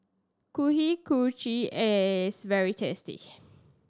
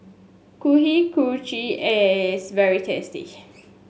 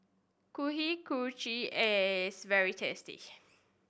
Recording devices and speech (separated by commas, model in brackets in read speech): standing microphone (AKG C214), mobile phone (Samsung S8), boundary microphone (BM630), read sentence